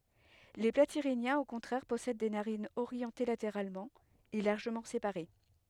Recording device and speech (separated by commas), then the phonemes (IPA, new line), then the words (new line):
headset microphone, read sentence
le platiʁinjɛ̃z o kɔ̃tʁɛʁ pɔsɛd de naʁinz oʁjɑ̃te lateʁalmɑ̃ e laʁʒəmɑ̃ sepaʁe
Les Platyrhiniens au contraire possèdent des narines orientées latéralement et largement séparées.